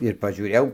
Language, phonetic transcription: Lithuanian, ir pažiūˈrėjau

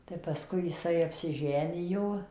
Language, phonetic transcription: Lithuanian, tai paˈskui jiˈsai apsiˈženijo

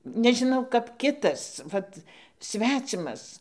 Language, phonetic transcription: Lithuanian, nežiˈnau kap ˈkitas ˈvat ˈsvecimas

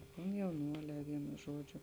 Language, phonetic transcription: Lithuanian, komjauˈnuolē ˈvienu ˈžuodžiu

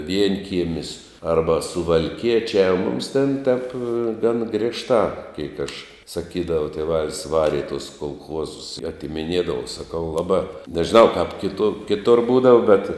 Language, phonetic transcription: Lithuanian, ˈvienkiemis ˈarba suvalˈkiečiā u mums ten tep gan ˈgrėžtā ˈkeik aš saˈkydava tėˈvalis ˈvari i tus kolˈchuozus i atimiˈniedava saˈkau ˈlabā nežiˈnau kap kiˈtu kiˈtur ˈbūdava bet

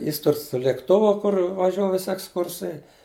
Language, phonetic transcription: Lithuanian, ˈjis ˈtur su lėkˈtuvu ˈkur vaˈžiuo ˈvisi eksˈkursai

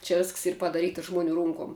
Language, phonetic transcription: Lithuanian, čia ˈvisks ˈyr padaˈryta ˈžmuˌnių ˈrunkom

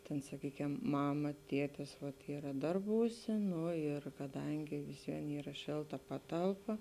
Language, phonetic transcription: Lithuanian, tėn saˈkykiam ˈmama ˈtietis vat ˈyra ˈdarbūˌsė ˈnu ir kaˈdangi visˈvien ˈyra ˈšėlˌta ˈpatalˌpa

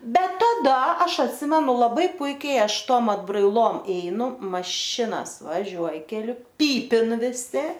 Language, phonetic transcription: Lithuanian, ˈbet taˈda ˈaš atˈsimenu laˈbai ˈpuikiai ˈaš ˈtom atbraiˈlom ˈeinu maˈšinas vaˈžiuoj keˈliu ˈpypin viˈsi

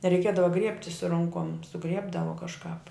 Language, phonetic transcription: Lithuanian, reiˈkiedava ˈgriebti su ˈronkom suˈgriebdavo kažˈkāp

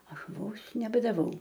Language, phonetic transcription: Lithuanian, ˈaš ˈvos nebadaˈvau

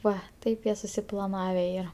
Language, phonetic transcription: Lithuanian, ˈva ˈtaip jie susiplaˈnave ˈyra

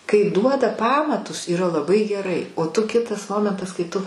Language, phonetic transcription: Lithuanian, kai ˈduoda ˈpamatus yˈra laˈbai geˈrai o tu ˈkitas ˈmomentas kai ˈtu

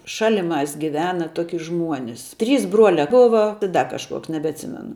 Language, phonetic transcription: Lithuanian, ˈšaliˌmās giˈvena ˈtoki ˈžmuonis trys ˈbruolia ˈbova i ˈda kažˈkuoks nebeatˈsimenu

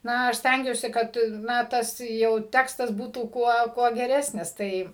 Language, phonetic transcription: Lithuanian, ˈna aš ˈstængiuosi ˈkad ˈna ˈtas jau ˈtekstas ˈbūtų ˈkuo ˈkuo geˈresnis ˈtai

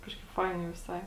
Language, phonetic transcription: Lithuanian, ˈkažkaip ˈfainiai viˈsai

